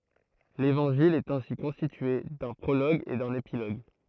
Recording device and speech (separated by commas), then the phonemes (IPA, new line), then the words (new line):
throat microphone, read sentence
levɑ̃ʒil ɛt ɛ̃si kɔ̃stitye dœ̃ pʁoloɡ e dœ̃n epiloɡ
L'évangile est ainsi constitué d'un prologue et d'un épilogue.